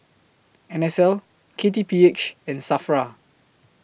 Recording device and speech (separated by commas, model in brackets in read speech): boundary microphone (BM630), read sentence